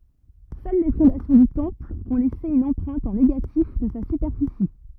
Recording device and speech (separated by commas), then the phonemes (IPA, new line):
rigid in-ear microphone, read sentence
sœl le fɔ̃dasjɔ̃ dy tɑ̃pl ɔ̃ lɛse yn ɑ̃pʁɛ̃t ɑ̃ neɡatif də sa sypɛʁfisi